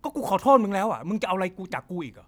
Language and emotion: Thai, angry